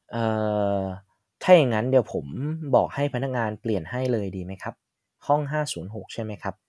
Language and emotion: Thai, neutral